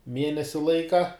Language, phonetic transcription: Lithuanian, ˈmienesi ˈlaika

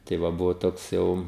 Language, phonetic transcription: Lithuanian, tai ˈva ˈbuvo ˈtoks ˈjau

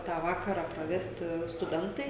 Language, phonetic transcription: Lithuanian, ˈtą ˈvakarą praˈvesti stuˈdentai

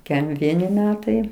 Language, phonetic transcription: Lithuanian, ˈkem ˈvieni ˈmetai

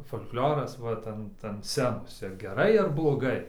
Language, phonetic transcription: Lithuanian, fol'klioras ˈvat ant ant ˈscenos ir geˈrai ir bloˈgai

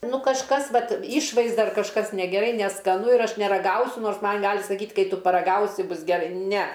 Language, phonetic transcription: Lithuanian, ˈnu kažˈkas ˈvat ˈišvaizda ar kažˈkas negeˈrai neskaˈnu ir ˈaš neraˈgausiu ˈnors ˈman ˈgali saˈkyt' ˈkai ˈtu paraˈgausi ˈbus geˈrai ˈne

